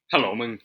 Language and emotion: Thai, neutral